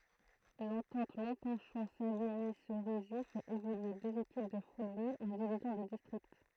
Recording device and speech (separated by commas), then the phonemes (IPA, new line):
throat microphone, read sentence
lɑ̃tɑ̃t mɔ̃pɛ̃ʃɔ̃ saviɲi seʁizi fɛt evolye døz ekip də futbol ɑ̃ divizjɔ̃ də distʁikt